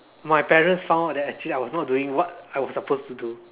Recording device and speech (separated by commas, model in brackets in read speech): telephone, conversation in separate rooms